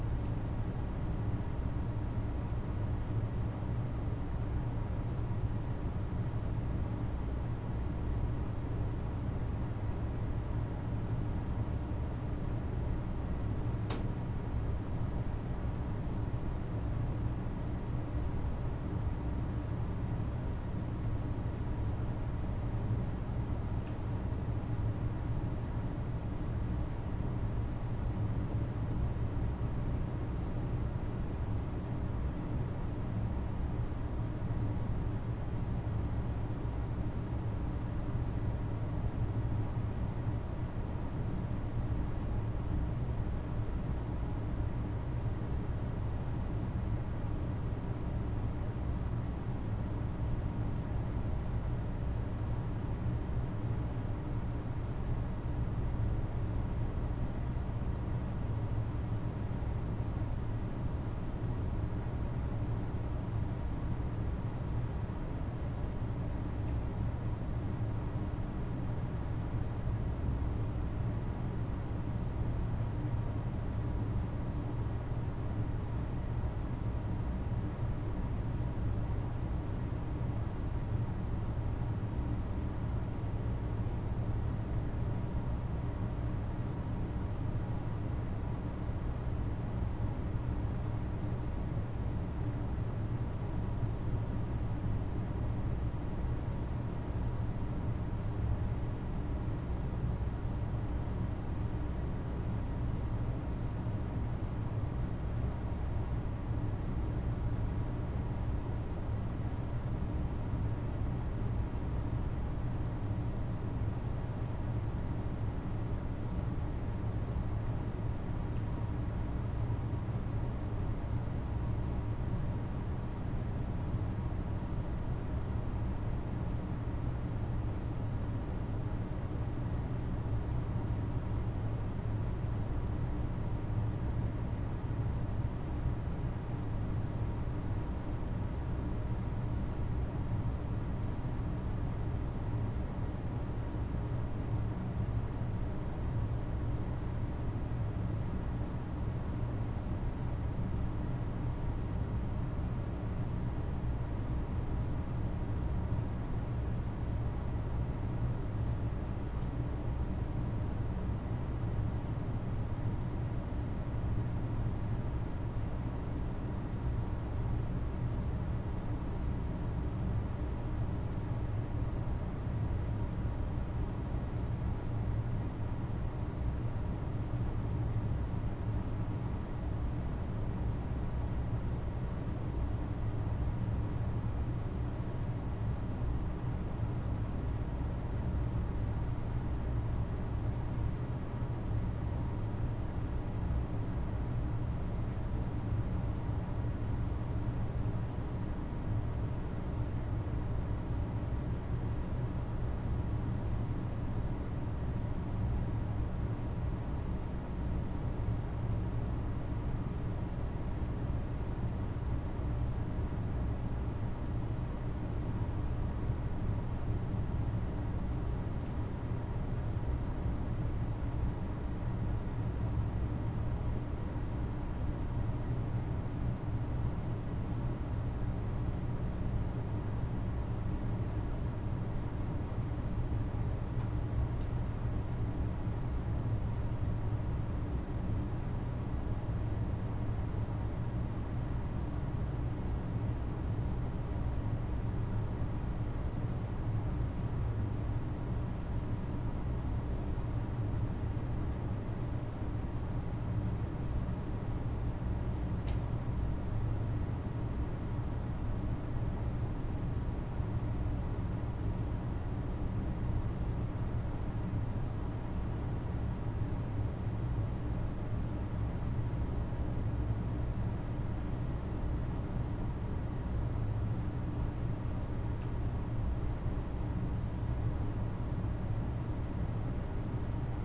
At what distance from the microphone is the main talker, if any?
No talker.